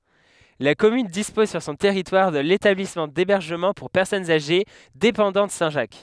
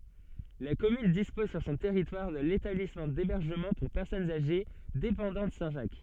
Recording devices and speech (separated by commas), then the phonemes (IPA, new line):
headset microphone, soft in-ear microphone, read sentence
la kɔmyn dispɔz syʁ sɔ̃ tɛʁitwaʁ də letablismɑ̃ debɛʁʒəmɑ̃ puʁ pɛʁsɔnz aʒe depɑ̃dɑ̃t sɛ̃tʒak